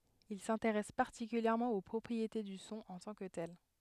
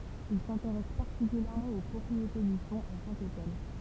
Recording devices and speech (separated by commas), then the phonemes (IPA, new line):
headset microphone, temple vibration pickup, read sentence
il sɛ̃teʁɛs paʁtikyljɛʁmɑ̃ o pʁɔpʁiete dy sɔ̃ ɑ̃ tɑ̃ kə tɛl